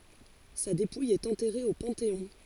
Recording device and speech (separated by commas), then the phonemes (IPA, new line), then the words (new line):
forehead accelerometer, read sentence
sa depuj ɛt ɑ̃tɛʁe o pɑ̃teɔ̃
Sa dépouille est enterrée au Panthéon.